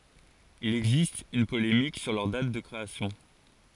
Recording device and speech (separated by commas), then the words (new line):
forehead accelerometer, read sentence
Il existe une polémique sur leur date de création.